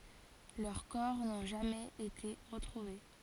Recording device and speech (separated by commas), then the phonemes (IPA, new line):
forehead accelerometer, read sentence
lœʁ kɔʁ nɔ̃ ʒamɛz ete ʁətʁuve